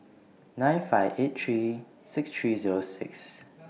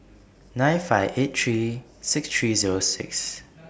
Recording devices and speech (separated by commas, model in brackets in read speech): mobile phone (iPhone 6), boundary microphone (BM630), read sentence